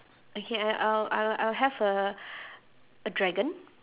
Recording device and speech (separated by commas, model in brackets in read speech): telephone, conversation in separate rooms